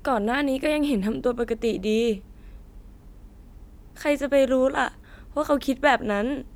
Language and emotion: Thai, sad